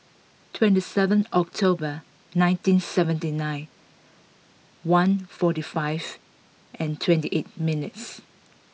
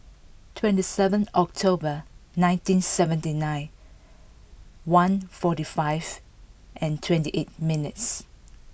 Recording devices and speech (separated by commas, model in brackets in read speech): mobile phone (iPhone 6), boundary microphone (BM630), read sentence